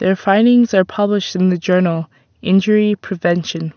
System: none